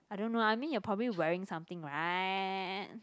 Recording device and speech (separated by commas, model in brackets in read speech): close-talking microphone, conversation in the same room